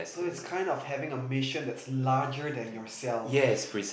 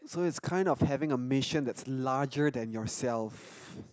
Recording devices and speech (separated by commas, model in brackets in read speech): boundary microphone, close-talking microphone, conversation in the same room